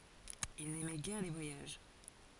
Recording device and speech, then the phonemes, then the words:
forehead accelerometer, read sentence
il nɛmɛ ɡɛʁ le vwajaʒ
Il n'aimait guère les voyages.

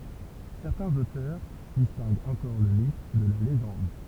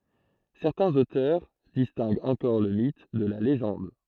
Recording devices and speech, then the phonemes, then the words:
temple vibration pickup, throat microphone, read sentence
sɛʁtɛ̃z otœʁ distɛ̃ɡt ɑ̃kɔʁ lə mit də la leʒɑ̃d
Certains auteurs distinguent encore le mythe de la légende.

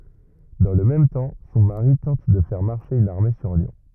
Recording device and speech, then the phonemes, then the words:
rigid in-ear microphone, read sentence
dɑ̃ lə mɛm tɑ̃ sɔ̃ maʁi tɑ̃t də fɛʁ maʁʃe yn aʁme syʁ ljɔ̃
Dans le même temps, son mari tente de faire marcher une armée sur Lyon.

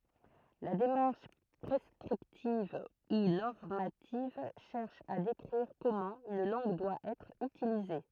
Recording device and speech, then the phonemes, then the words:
throat microphone, read sentence
la demaʁʃ pʁɛskʁiptiv u nɔʁmativ ʃɛʁʃ a dekʁiʁ kɔmɑ̃ yn lɑ̃ɡ dwa ɛtʁ ytilize
La démarche prescriptive ou normative cherche à décrire comment une langue doit être utilisée.

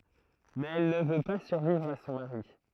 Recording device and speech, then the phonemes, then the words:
throat microphone, read sentence
mɛz ɛl nə vø pa syʁvivʁ a sɔ̃ maʁi
Mais elle ne veut pas survivre à son mari.

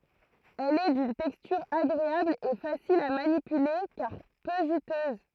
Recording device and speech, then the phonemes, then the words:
throat microphone, read sentence
ɛl ɛ dyn tɛkstyʁ aɡʁeabl e fasil a manipyle kaʁ pø ʒytøz
Elle est d'une texture agréable et facile à manipuler car peu juteuse.

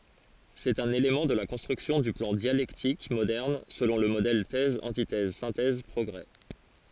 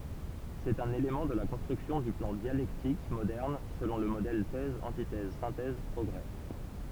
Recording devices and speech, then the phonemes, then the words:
forehead accelerometer, temple vibration pickup, read sentence
sɛt œ̃n elemɑ̃ də la kɔ̃stʁyksjɔ̃ dy plɑ̃ djalɛktik modɛʁn səlɔ̃ lə modɛl tɛz ɑ̃titɛz sɛ̃tɛz pʁɔɡʁe
C'est un élément de la construction du plan dialectique moderne selon le modèle Thèse-antithèse-synthèse-progrés.

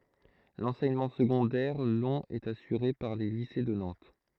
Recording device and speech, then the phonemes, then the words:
throat microphone, read sentence
lɑ̃sɛɲəmɑ̃ səɡɔ̃dɛʁ lɔ̃ ɛt asyʁe paʁ le lise də nɑ̃t
L'enseignement secondaire long est assuré par les lycées de Nantes.

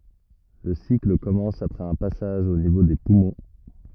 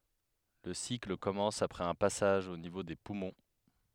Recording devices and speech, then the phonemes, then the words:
rigid in-ear microphone, headset microphone, read sentence
lə sikl kɔmɑ̃s apʁɛz œ̃ pasaʒ o nivo de pumɔ̃
Le cycle commence après un passage au niveau des poumons.

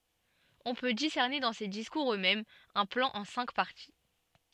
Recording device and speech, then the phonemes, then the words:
soft in-ear microphone, read sentence
ɔ̃ pø disɛʁne dɑ̃ se diskuʁz øksmɛmz œ̃ plɑ̃ ɑ̃ sɛ̃k paʁti
On peut discerner dans ces discours eux-mêmes un plan en cinq parties.

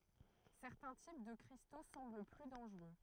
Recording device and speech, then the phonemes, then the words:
throat microphone, read sentence
sɛʁtɛ̃ tip də kʁisto sɑ̃bl ply dɑ̃ʒʁø
Certains types de cristaux semblent plus dangereux.

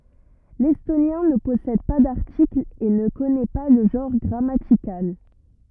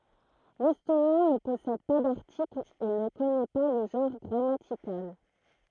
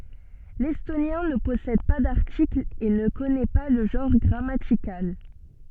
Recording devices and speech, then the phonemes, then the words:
rigid in-ear microphone, throat microphone, soft in-ear microphone, read sentence
lɛstonjɛ̃ nə pɔsɛd pa daʁtiklz e nə kɔnɛ pa lə ʒɑ̃ʁ ɡʁamatikal
L’estonien ne possède pas d’articles et ne connaît pas le genre grammatical.

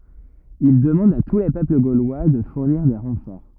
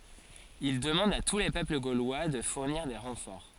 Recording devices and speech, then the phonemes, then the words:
rigid in-ear microphone, forehead accelerometer, read sentence
il dəmɑ̃d a tu le pøpl ɡolwa də fuʁniʁ de ʁɑ̃fɔʁ
Il demande à tous les peuples gaulois de fournir des renforts.

